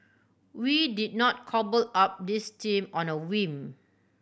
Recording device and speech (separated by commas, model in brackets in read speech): boundary microphone (BM630), read sentence